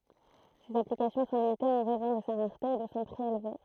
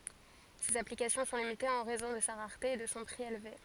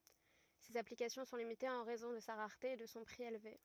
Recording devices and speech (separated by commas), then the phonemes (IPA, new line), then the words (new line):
throat microphone, forehead accelerometer, rigid in-ear microphone, read sentence
sez aplikasjɔ̃ sɔ̃ limitez ɑ̃ ʁɛzɔ̃ də sa ʁaʁte e də sɔ̃ pʁi elve
Ses applications sont limitées en raison de sa rareté et de son prix élevé.